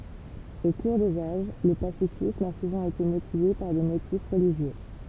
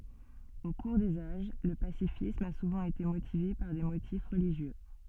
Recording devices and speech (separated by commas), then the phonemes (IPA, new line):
temple vibration pickup, soft in-ear microphone, read sentence
o kuʁ dez aʒ lə pasifism a suvɑ̃ ete motive paʁ de motif ʁəliʒjø